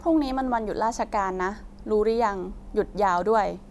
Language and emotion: Thai, neutral